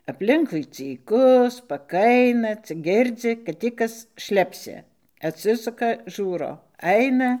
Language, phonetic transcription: Lithuanian, apˈlinkui cyˈku spaˈkaina cik ˈgirdzi kad ˈtį ˈkas ˈšlepsi atˈsisuka ˈžūro ˈaina

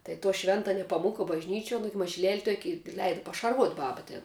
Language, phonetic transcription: Lithuanian, tai to ˈšventa nepaˈmuka bažˈnyčiuo ˈnugi mažiˈlel' ˈtuoki i ˈleida pašarˈvuot' ˈbaba tėn

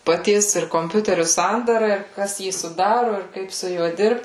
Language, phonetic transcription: Lithuanian, paˈties ir komˈpiuteriu ˈsandara ir ˈkas ˈjį suˈdaru ir ˈkaip su ˈjuo ˈdirbt

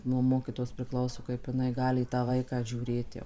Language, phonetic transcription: Lithuanian, nuo ˈmokytojos priˈklauso kaip jiˈnai ˈgali į tą ˈvaiką žiūˈrėt jau

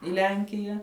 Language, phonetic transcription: Lithuanian, i ˈlenkija

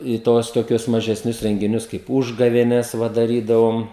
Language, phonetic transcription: Lithuanian, i ˈtuos toˈkius mažesˈnius rengiˈnius kaip ˈūžgavėnes ˈva daˈrydavom

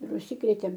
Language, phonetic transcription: Lithuanian, ir užˈsikrėtėm

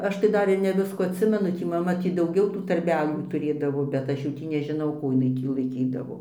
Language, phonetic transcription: Lithuanian, ˈaš tai ˈdar ir ne ˈviskų atˈsimenu ˈtį maˈma ˈtį dauˈgiau tų tarˈbelių tuˈrėdavo bet ˈaš jau ˈtį nežiˈnau ˈkų iˈnai ˈtį laiˈkydavo

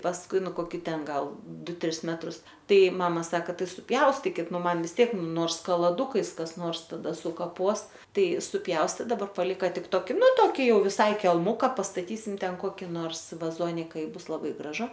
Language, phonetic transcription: Lithuanian, pasˈkui ˈnu koˈki ˈten ˈgal ˈdu ˈtris ˈmetrus ˈtai ˈmama ˈsaka ˈtai suˈpjaustikit ˈnu ˈman vis ˈtiek ˈnors kalaˈdukais kas ˈnors taˈda sukaˈpos ˈtai suˈpjaustė daˈbar paˈlika ˈtik ˈtoki ˈnu ˈtoki ˈjau viˈsai kelˈmuka pastaˈtysim ˈten ˈkoki nors vaˈzonika i ˈbus laˈbai graˈžu

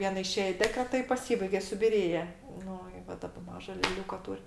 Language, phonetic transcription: Lithuanian, ˈviena iˈšėj i ˈdekreta i paˈsybaige subiˈrėje ˈnu i ˈva ˈdaba ˈmaža leˈliūka ˈtūr'

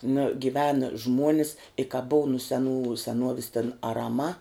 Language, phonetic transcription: Lithuanian, na giˈvena ˈžmuonis i ka buv nu seˈnų seˈnuovis ten araˈma

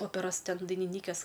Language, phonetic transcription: Lithuanian, ˈoperos ˈten dainiˈnykės

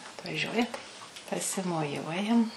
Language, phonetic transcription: Lithuanian, atvaˈžiuoja tai pasimoˈjuojam

